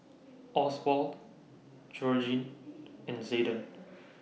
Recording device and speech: mobile phone (iPhone 6), read sentence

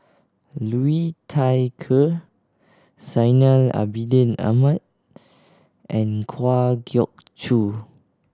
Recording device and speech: standing microphone (AKG C214), read sentence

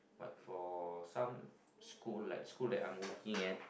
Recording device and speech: boundary microphone, conversation in the same room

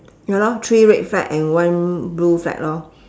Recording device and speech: standing microphone, conversation in separate rooms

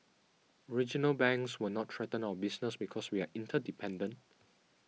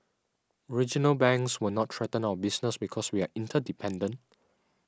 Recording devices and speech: mobile phone (iPhone 6), standing microphone (AKG C214), read sentence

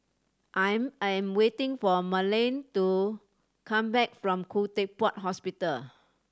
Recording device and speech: standing microphone (AKG C214), read sentence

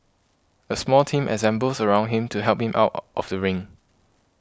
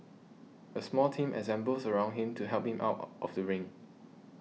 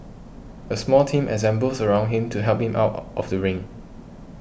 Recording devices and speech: close-talking microphone (WH20), mobile phone (iPhone 6), boundary microphone (BM630), read sentence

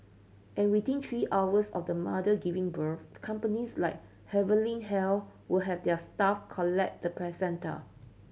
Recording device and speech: mobile phone (Samsung C7100), read sentence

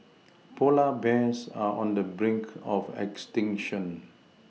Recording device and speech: mobile phone (iPhone 6), read sentence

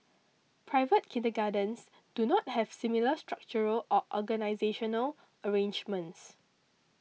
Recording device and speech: mobile phone (iPhone 6), read sentence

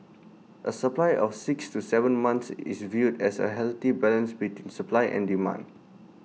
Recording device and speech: mobile phone (iPhone 6), read sentence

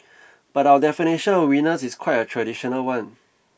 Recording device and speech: boundary microphone (BM630), read sentence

